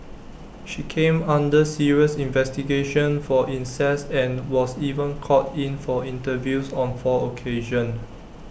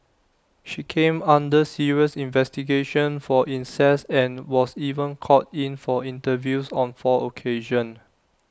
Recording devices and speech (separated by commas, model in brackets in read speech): boundary microphone (BM630), standing microphone (AKG C214), read sentence